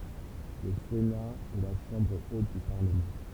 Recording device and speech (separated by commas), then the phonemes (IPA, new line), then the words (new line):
temple vibration pickup, read sentence
lə sena ɛ la ʃɑ̃bʁ ot dy paʁləmɑ̃
Le Sénat est la chambre haute du Parlement.